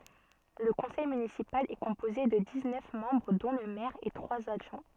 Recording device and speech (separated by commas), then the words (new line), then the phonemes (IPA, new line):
soft in-ear microphone, read sentence
Le conseil municipal est composé de dix-neuf membres dont le maire et trois adjoints.
lə kɔ̃sɛj mynisipal ɛ kɔ̃poze də diz nœf mɑ̃bʁ dɔ̃ lə mɛʁ e tʁwaz adʒwɛ̃